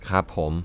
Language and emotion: Thai, neutral